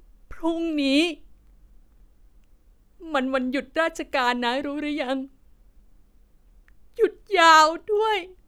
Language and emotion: Thai, sad